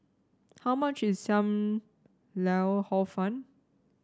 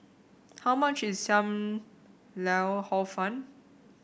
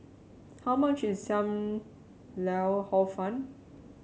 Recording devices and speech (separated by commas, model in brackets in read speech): standing microphone (AKG C214), boundary microphone (BM630), mobile phone (Samsung C7), read sentence